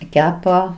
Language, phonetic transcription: Lithuanian, ˈkepa

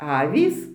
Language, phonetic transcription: Lithuanian, ˈavys

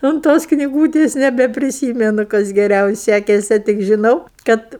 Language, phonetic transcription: Lithuanian, unt ˈtos kniˈgūtės nebepriˈsymenu ˈkas geˈriau ˈsækese tik žiˈnau ˈkad

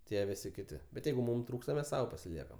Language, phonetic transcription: Lithuanian, tie ˈvisi ˈkiti bet ˈjeigu ˈmum ˈtrūksta mes ˈsau pasiˈliekam

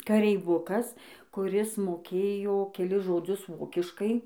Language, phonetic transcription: Lithuanian, kareiˈvukas kuˈris moˈkėjo keˈlis žoˈdzius ˈvokiškai

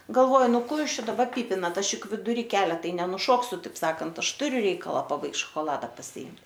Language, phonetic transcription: Lithuanian, galˈvoj ˈnu ˈko ˈjūs ˈčia daˈbar ˈpypinat ˈaš ˈjuk viduˈry ˈkelia ˈtai nenuˈšoksiu ˈtaip ˈsakant ˈaš ˈturiu ˈreikala paˈbaigt šokoˈlada pasiˈimt

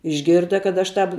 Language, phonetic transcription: Lithuanian, išˈgirda kad aš ˈtap

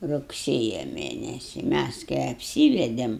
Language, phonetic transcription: Lithuanian, rugˈsėja ˈmėnesi ˈmæs kai apˈsyvedėm

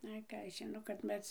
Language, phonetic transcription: Lithuanian, ˈai ˈką aš žiˈno kad ˈmes

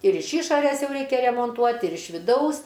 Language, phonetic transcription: Lithuanian, ir iš ˈyšores ˈjau ˈreikia remonˈtuot' ir iš viˈdaus

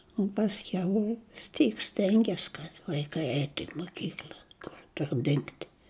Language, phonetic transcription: Lithuanian, u pasˈkiau vis ˈtyk ˈstenges kad vaiˈkai ˈeitu i moˈkykl'a ˈkur ˈtur dingt

